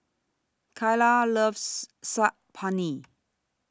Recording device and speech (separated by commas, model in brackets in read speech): standing microphone (AKG C214), read sentence